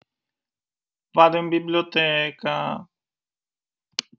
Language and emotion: Italian, sad